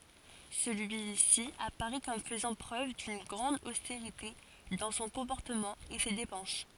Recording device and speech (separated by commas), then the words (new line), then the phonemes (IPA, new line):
forehead accelerometer, read sentence
Celui-ci apparaît comme faisant preuve d’une grande austérité dans son comportement et ses dépenses.
səlyisi apaʁɛ kɔm fəzɑ̃ pʁøv dyn ɡʁɑ̃d osteʁite dɑ̃ sɔ̃ kɔ̃pɔʁtəmɑ̃ e se depɑ̃s